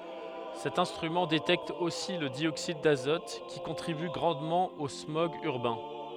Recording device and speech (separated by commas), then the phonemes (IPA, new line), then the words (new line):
headset microphone, read sentence
sɛt ɛ̃stʁymɑ̃ detɛkt osi lə djoksid dazɔt ki kɔ̃tʁiby ɡʁɑ̃dmɑ̃ o smɔɡz yʁbɛ̃
Cet instrument détecte aussi le dioxyde d'azote, qui contribue grandement aux smogs urbains.